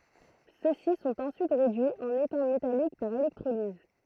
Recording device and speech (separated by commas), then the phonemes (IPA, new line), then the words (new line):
throat microphone, read sentence
sø si sɔ̃t ɑ̃syit ʁedyiz ɑ̃n etɛ̃ metalik paʁ elɛktʁoliz
Ceux-ci sont ensuite réduits en étain métallique par électrolyse.